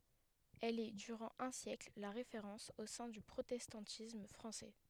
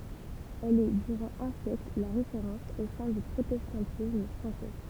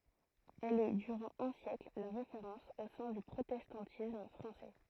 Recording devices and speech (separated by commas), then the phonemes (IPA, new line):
headset microphone, temple vibration pickup, throat microphone, read sentence
ɛl ɛ dyʁɑ̃ œ̃ sjɛkl la ʁefeʁɑ̃s o sɛ̃ dy pʁotɛstɑ̃tism fʁɑ̃sɛ